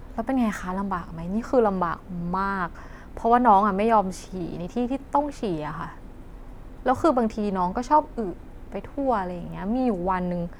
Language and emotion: Thai, frustrated